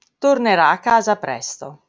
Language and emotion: Italian, neutral